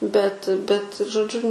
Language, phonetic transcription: Lithuanian, bet bet žoˈdžiu

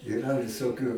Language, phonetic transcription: Lithuanian, iˈra visoˈkių

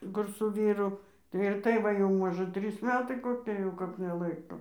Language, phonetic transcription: Lithuanian, ˈkur su ˈvyru tai ir ˈtai ˈva jau ˈmožɜ ˈtrys ˈmetai koˈki jau ˈkap neˈlaiko

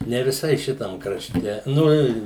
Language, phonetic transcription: Lithuanian, ne viˈsai ˈšitam kraˈšte ˈnu i

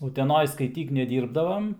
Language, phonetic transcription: Lithuanian, uteˈnoj skaiˈtyk neˈdyrbdavam

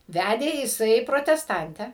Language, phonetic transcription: Lithuanian, ˈvædė jiˈsai protesˈtantę

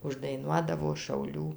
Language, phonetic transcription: Lithuanian, uždaiˈnuodavo šauˈlių

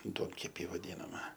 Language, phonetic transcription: Lithuanian, ˈduonkepį vaˈdynama

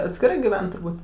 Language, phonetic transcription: Lithuanian, atskiˈrai giˈven turˈbūt

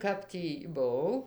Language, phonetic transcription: Lithuanian, ˈkap tį buˈau

